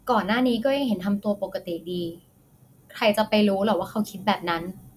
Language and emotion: Thai, neutral